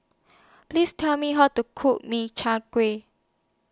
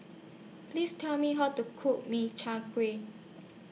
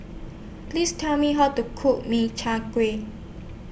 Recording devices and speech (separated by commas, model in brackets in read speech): standing microphone (AKG C214), mobile phone (iPhone 6), boundary microphone (BM630), read sentence